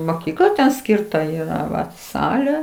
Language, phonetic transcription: Lithuanian, moˈkykla ˈskirta ˈyra ˈvat ˈsalė

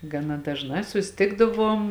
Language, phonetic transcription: Lithuanian, gaˈna dažˈnā susiˈtikdaˌvuom

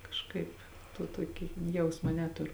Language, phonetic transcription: Lithuanian, kažˈkaip to ˈtuoki ˈjausma ˈneturu

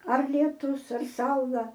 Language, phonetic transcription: Lithuanian, ar lieˈtus ar ˈsaula

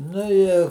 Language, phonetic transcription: Lithuanian, ˈnu i

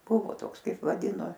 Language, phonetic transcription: Lithuanian, ˈbuvo ˈtoks ˈkaip vaˈdino

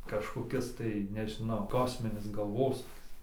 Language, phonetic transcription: Lithuanian, kažkoˈkis tai nežiˈnau ˈkosminis galˈvosūkis

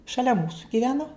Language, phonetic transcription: Lithuanian, šaˈlia ˈmūsu giˈveno

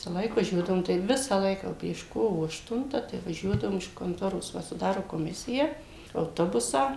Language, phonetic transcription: Lithuanian, ˈvisalaik vaˈžiuodavum taip ˈvisa ˈlaika jau prieš ˈkovo ašˈtunta tai vaˈžiuodavum iš konˈtoros ˈva suˈdaro koˈmisiją auˈtobusą

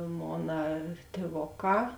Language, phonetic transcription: Lithuanian, ˈmona tėˈvoˌkā

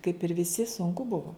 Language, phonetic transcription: Lithuanian, kaip ir viˈsi sunˈku ˈbuvo

